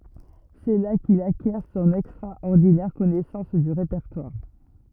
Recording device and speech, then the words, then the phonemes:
rigid in-ear microphone, read sentence
C'est là qu'il acquiert son extraordinaire connaissance du répertoire.
sɛ la kil akjɛʁ sɔ̃n ɛkstʁaɔʁdinɛʁ kɔnɛsɑ̃s dy ʁepɛʁtwaʁ

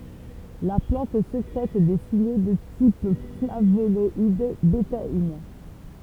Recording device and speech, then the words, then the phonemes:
temple vibration pickup, read sentence
La plante sécrète des signaux de type flavonoïdes, bétaïnes.
la plɑ̃t sekʁɛt de siɲo də tip flavonɔid betain

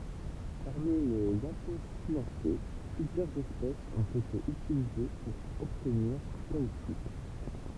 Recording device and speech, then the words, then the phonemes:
temple vibration pickup, read sentence
Parmi les Apocynacées, plusieurs espèces ont été utilisées pour obtenir du caoutchouc.
paʁmi lez aposinase plyzjœʁz ɛspɛsz ɔ̃t ete ytilize puʁ ɔbtniʁ dy kautʃu

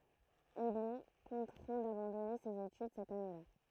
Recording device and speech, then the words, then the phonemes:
throat microphone, read sentence
Il est contraint d'abandonner ses études cette année-là.
il ɛ kɔ̃tʁɛ̃ dabɑ̃dɔne sez etyd sɛt aneəla

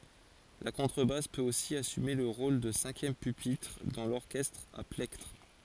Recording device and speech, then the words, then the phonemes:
forehead accelerometer, read sentence
La contrebasse peut aussi assumer le rôle de cinquième pupitre, dans l'orchestre à plectre.
la kɔ̃tʁəbas pøt osi asyme lə ʁol də sɛ̃kjɛm pypitʁ dɑ̃ lɔʁkɛstʁ a plɛktʁ

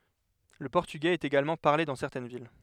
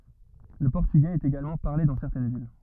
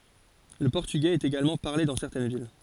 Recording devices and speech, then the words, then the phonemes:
headset microphone, rigid in-ear microphone, forehead accelerometer, read sentence
Le portugais est également parlé dans certaines villes.
lə pɔʁtyɡɛz ɛt eɡalmɑ̃ paʁle dɑ̃ sɛʁtɛn vil

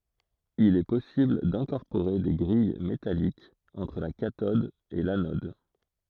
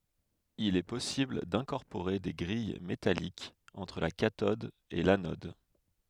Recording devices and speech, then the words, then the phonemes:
throat microphone, headset microphone, read sentence
Il est possible d'incorporer des grilles métalliques entre la cathode et l'anode.
il ɛ pɔsibl dɛ̃kɔʁpoʁe de ɡʁij metalikz ɑ̃tʁ la katɔd e lanɔd

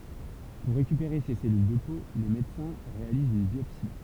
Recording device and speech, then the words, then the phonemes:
temple vibration pickup, read sentence
Pour récupérer ces cellules de peau, les médecins réalisent une biopsie.
puʁ ʁekypeʁe se sɛlyl də po le medəsɛ̃ ʁealizt yn bjɔpsi

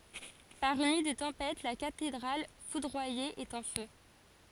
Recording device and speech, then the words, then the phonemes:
forehead accelerometer, read sentence
Par une nuit de tempête, la cathédrale foudroyée est en feu.
paʁ yn nyi də tɑ̃pɛt la katedʁal fudʁwaje ɛt ɑ̃ fø

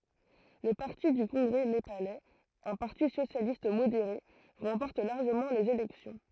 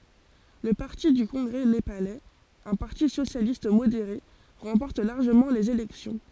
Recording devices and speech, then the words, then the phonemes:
throat microphone, forehead accelerometer, read sentence
Le parti du congrès népalais, un parti socialiste modéré, remporte largement les élections.
lə paʁti dy kɔ̃ɡʁɛ nepalɛz œ̃ paʁti sosjalist modeʁe ʁɑ̃pɔʁt laʁʒəmɑ̃ lez elɛksjɔ̃

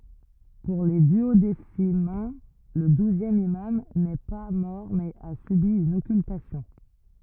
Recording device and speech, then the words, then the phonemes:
rigid in-ear microphone, read sentence
Pour les duodécimains, le douzième imam n'est pas mort mais a subi une occultation.
puʁ le dyodesimɛ̃ lə duzjɛm imam nɛ pa mɔʁ mɛz a sybi yn ɔkyltasjɔ̃

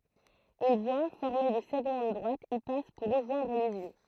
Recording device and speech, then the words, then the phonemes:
throat microphone, read sentence
Une voie, formée de segments de droite, y passe pour rejoindre Lisieux.
yn vwa fɔʁme də sɛɡmɑ̃ də dʁwat i pas puʁ ʁəʒwɛ̃dʁ lizjø

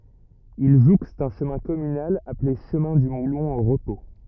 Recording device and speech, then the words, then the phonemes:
rigid in-ear microphone, read sentence
Il jouxte un chemin communal appelé chemin du Moulon au repos.
il ʒukst œ̃ ʃəmɛ̃ kɔmynal aple ʃəmɛ̃ dy mulɔ̃ o ʁəpo

